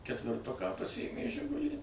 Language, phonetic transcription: Lithuanian, ketvirˈtuką paˈsijėmė ˈžigulį

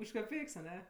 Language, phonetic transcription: Lithuanian, už kaˈpeiks aˈne

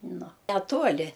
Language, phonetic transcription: Lithuanian, ˈnu neˈtuoli

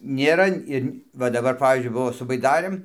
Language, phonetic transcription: Lithuanian, nėˈra ir ˈva daˈbar ˈpavyzdžiui ˈbuvo su baiˈdarɘm

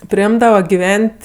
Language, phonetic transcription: Lithuanian, priˈimdava giˈven't'

